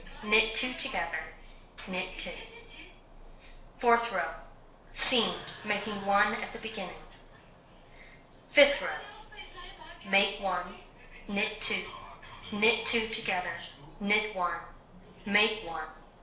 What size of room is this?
A compact room.